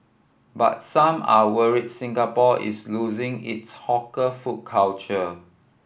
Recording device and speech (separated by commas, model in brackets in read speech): boundary microphone (BM630), read sentence